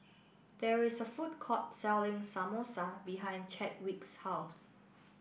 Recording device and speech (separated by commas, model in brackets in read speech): boundary microphone (BM630), read sentence